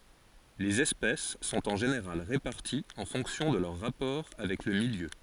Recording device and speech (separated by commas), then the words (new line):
forehead accelerometer, read sentence
Les espèces sont en général réparties en fonction de leurs rapports avec le milieu.